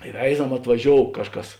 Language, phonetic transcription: Lithuanian, i ˈveizam atvaˈžiou ˈkažˌkas

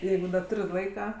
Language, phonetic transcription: Lithuanian, ˈjeigu da ˈtur' ˈlaika

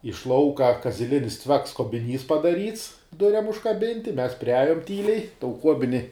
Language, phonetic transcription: Lithuanian, iš ˈlauka kaziˈlinis ˈcviaks kobiˈnys padaˈryts ˈduriam užkaˈbinti ˈmes priˈajum ˈtyliai tou ˈkuobini

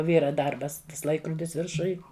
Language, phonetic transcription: Lithuanian, ˈvyra ˈdarbas ˈtas ˈlaikrudis virˈšuj

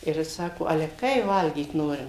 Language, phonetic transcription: Lithuanian, ir ˈjis ˈsako ˈale ˈkai ˈvalgyt ˈnorim

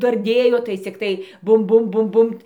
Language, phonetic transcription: Lithuanian, darˈdėjo tai cikˈtai ˈbum ˈbum ˈbum ˈbumt

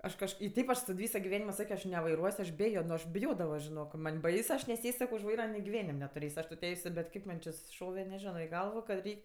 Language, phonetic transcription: Lithuanian, ˈaš kažˈkai i ˈteip aš tad ˈvyso giˈvenimo ˈsakio aš nevaiˈruos' aš ˈbejo nu aš biˈjodavo žiˈnok man' ˈbaisu ˈaš neˈsės' ˈsakio už ˈvaira giˈvenim' netuˈrės' aš tu ˈteisiu bet ˈkaip man či susiˈšove neˈžino i ˈgalvo kad ˈreik'

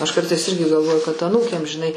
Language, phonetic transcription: Lithuanian, aš ˈkartais ˈirgi galˈvoju kad aˈnūkėm žiˈnai

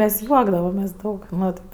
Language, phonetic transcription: Lithuanian, ˈmes ˈjuokdavamės' ˈdaug ˈmat

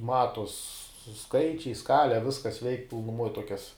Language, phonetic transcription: Lithuanian, ˈmatuos ˈskaičiai ˈskale ˈviskas veik' pilnuˈmuoj ˈtuokias

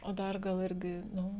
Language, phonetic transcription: Lithuanian, o ˈdar ˈgal ˈirgi ˈnu

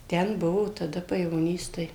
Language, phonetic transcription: Lithuanian, ˈten ˈbuvo taˈda pajevoˈnys ˈtai

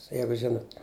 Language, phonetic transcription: Lithuanian, ˈjeigu ˈžinut

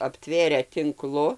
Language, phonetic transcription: Lithuanian, apˈtvėrę tinˈklu

